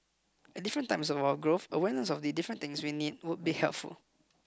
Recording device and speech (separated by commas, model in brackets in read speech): close-talking microphone (WH20), read sentence